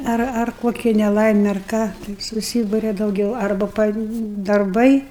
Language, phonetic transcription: Lithuanian, ˈar ar ˈkokia neˈlaime ar ˈką tai suˈsyburia dauˈgiau ˈarba pa darˈbai

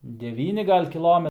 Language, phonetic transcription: Lithuanian, deˈvyni ˈgal' kiˈlome

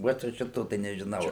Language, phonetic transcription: Lithuanian, ˈvot jau ˈšito tai nežˈinau

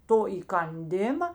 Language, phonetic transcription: Lithuanian, ˈto įkanˈdima

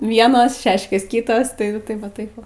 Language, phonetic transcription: Lithuanian, ˈvienos ˈšeškės ˈkitos tai ˈjeigu ˈtaip ˈva ˈtaip ˈva

